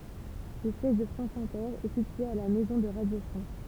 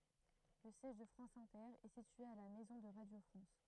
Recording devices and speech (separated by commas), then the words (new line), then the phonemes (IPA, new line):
temple vibration pickup, throat microphone, read sentence
Le siège de France Inter est situé à la Maison de Radio France.
lə sjɛʒ də fʁɑ̃s ɛ̃tɛʁ ɛ sitye a la mɛzɔ̃ də ʁadjo fʁɑ̃s